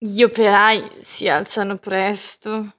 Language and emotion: Italian, disgusted